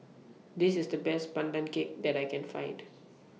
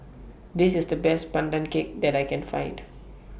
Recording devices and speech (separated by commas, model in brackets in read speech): mobile phone (iPhone 6), boundary microphone (BM630), read sentence